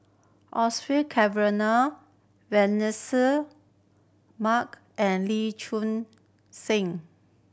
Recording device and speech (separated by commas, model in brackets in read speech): boundary microphone (BM630), read sentence